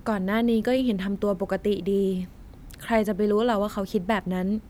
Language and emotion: Thai, frustrated